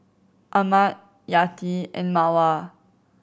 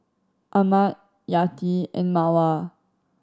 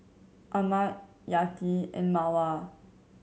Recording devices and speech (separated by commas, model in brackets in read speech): boundary microphone (BM630), standing microphone (AKG C214), mobile phone (Samsung C7100), read sentence